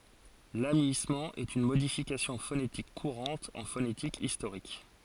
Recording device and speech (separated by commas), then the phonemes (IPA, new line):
forehead accelerometer, read sentence
lamyismɑ̃ ɛt yn modifikasjɔ̃ fonetik kuʁɑ̃t ɑ̃ fonetik istoʁik